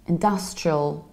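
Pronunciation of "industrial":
In 'industrial', the stress falls on the 'dus' syllable, and the ending is reduced.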